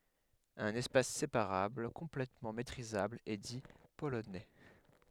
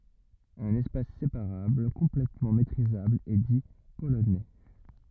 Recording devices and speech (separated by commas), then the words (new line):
headset microphone, rigid in-ear microphone, read sentence
Un espace séparable complètement métrisable est dit polonais.